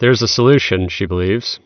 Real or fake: real